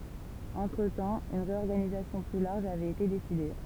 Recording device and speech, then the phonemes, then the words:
temple vibration pickup, read sentence
ɑ̃tʁətɑ̃ yn ʁeɔʁɡanizasjɔ̃ ply laʁʒ avɛt ete deside
Entretemps, une réorganisation plus large avait été décidée.

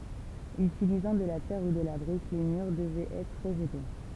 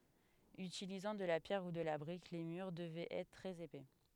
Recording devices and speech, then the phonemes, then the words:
temple vibration pickup, headset microphone, read sentence
ytilizɑ̃ də la pjɛʁ u də la bʁik le myʁ dəvɛt ɛtʁ tʁɛz epɛ
Utilisant de la pierre ou de la brique les murs devaient être très épais.

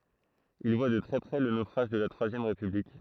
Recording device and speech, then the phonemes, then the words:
throat microphone, read sentence
il vwa də tʁɛ pʁɛ lə nofʁaʒ də la tʁwazjɛm ʁepyblik
Il voit de très près le naufrage de la Troisième République.

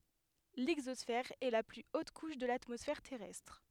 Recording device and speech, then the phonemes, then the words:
headset microphone, read sentence
lɛɡzɔsfɛʁ ɛ la ply ot kuʃ də latmɔsfɛʁ tɛʁɛstʁ
L'exosphère est la plus haute couche de l'atmosphère terrestre.

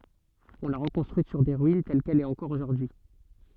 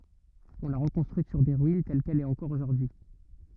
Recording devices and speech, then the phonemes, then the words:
soft in-ear microphone, rigid in-ear microphone, read sentence
ɔ̃ la ʁəkɔ̃stʁyit syʁ se ʁyin tɛl kɛl ɛt ɑ̃kɔʁ oʒuʁdyi
On l'a reconstruite sur ses ruines, telle qu'elle est encore aujourd'hui.

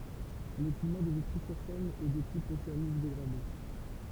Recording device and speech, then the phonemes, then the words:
temple vibration pickup, read sentence
lə klima də vitʁizyʁsɛn ɛ də tip oseanik deɡʁade
Le climat de Vitry-sur-Seine est de type océanique dégradé.

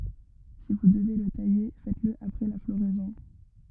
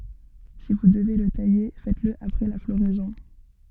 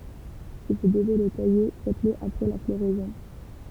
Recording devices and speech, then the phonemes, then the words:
rigid in-ear microphone, soft in-ear microphone, temple vibration pickup, read sentence
si vu dəve lə taje fɛtəsl apʁɛ la floʁɛzɔ̃
Si vous devez le tailler, faites-le après la floraison.

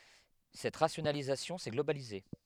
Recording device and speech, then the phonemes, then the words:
headset microphone, read sentence
sɛt ʁasjonalizasjɔ̃ sɛ ɡlobalize
Cette rationalisation s'est globalisée.

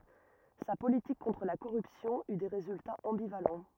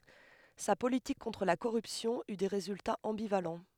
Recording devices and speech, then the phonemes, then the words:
rigid in-ear microphone, headset microphone, read sentence
sa politik kɔ̃tʁ la koʁypsjɔ̃ y de ʁezyltaz ɑ̃bivalɑ̃
Sa politique contre la corruption eut des résultats ambivalents.

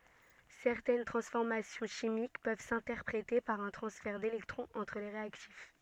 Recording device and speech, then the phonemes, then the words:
soft in-ear microphone, read sentence
sɛʁtɛn tʁɑ̃sfɔʁmasjɔ̃ ʃimik pøv sɛ̃tɛʁpʁete paʁ œ̃ tʁɑ̃sfɛʁ delɛktʁɔ̃z ɑ̃tʁ le ʁeaktif
Certaines transformations chimiques peuvent s'interpréter par un transfert d'électrons entre les réactifs.

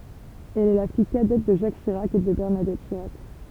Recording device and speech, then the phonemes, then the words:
temple vibration pickup, read sentence
ɛl ɛ la fij kadɛt də ʒak ʃiʁak e də bɛʁnadɛt ʃiʁak
Elle est la fille cadette de Jacques Chirac et de Bernadette Chirac.

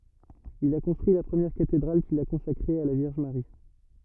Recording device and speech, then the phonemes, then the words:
rigid in-ear microphone, read sentence
il a kɔ̃stʁyi la pʁəmjɛʁ katedʁal kil a kɔ̃sakʁe a la vjɛʁʒ maʁi
Il a construit la première cathédrale qu'il a consacrée à la Vierge Marie.

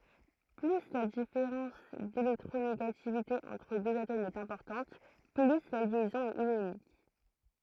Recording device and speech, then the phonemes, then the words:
throat microphone, read sentence
ply la difeʁɑ̃s delɛktʁoneɡativite ɑ̃tʁ døz atomz ɛt ɛ̃pɔʁtɑ̃t ply la ljɛzɔ̃ ɛt jonik
Plus la différence d'électronégativité entre deux atomes est importante, plus la liaison est ionique.

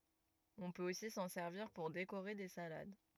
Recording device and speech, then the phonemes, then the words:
rigid in-ear microphone, read sentence
ɔ̃ pøt osi sɑ̃ sɛʁviʁ puʁ dekoʁe de salad
On peut aussi s'en servir pour décorer des salades.

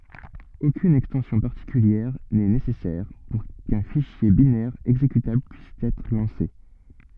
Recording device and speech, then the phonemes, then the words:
soft in-ear microphone, read sentence
okyn ɛkstɑ̃sjɔ̃ paʁtikyljɛʁ nɛ nesɛsɛʁ puʁ kœ̃ fiʃje binɛʁ ɛɡzekytabl pyis ɛtʁ lɑ̃se
Aucune extension particulière n'est nécessaire pour qu'un fichier binaire exécutable puisse être lancé.

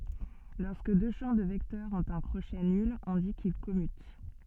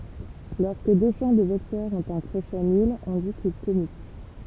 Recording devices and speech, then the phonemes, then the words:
soft in-ear microphone, temple vibration pickup, read sentence
lɔʁskə dø ʃɑ̃ də vɛktœʁz ɔ̃t œ̃ kʁoʃɛ nyl ɔ̃ di kil kɔmyt
Lorsque deux champs de vecteurs ont un crochet nul, on dit qu'ils commutent.

